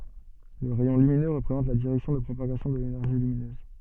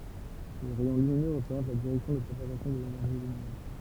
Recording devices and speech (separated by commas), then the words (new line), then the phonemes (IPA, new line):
soft in-ear microphone, temple vibration pickup, read sentence
Le rayon lumineux représente la direction de propagation de l'énergie lumineuse.
lə ʁɛjɔ̃ lyminø ʁəpʁezɑ̃t la diʁɛksjɔ̃ də pʁopaɡasjɔ̃ də lenɛʁʒi lyminøz